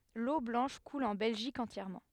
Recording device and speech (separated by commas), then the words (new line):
headset microphone, read sentence
L'Eau Blanche coule en Belgique entièrement.